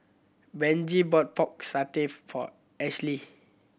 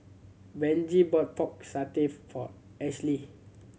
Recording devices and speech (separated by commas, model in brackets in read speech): boundary microphone (BM630), mobile phone (Samsung C7100), read sentence